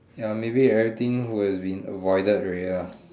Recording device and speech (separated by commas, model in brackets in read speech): standing microphone, conversation in separate rooms